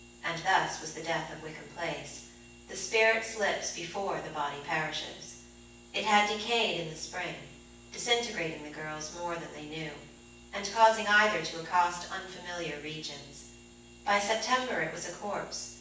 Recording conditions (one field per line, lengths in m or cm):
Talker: one person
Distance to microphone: 9.8 m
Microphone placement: far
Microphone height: 1.8 m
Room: large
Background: none